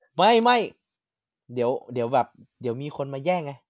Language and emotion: Thai, happy